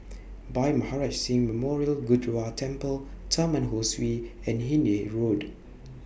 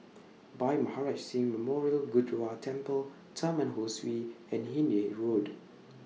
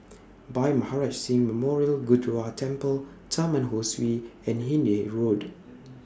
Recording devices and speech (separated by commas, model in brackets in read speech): boundary microphone (BM630), mobile phone (iPhone 6), standing microphone (AKG C214), read sentence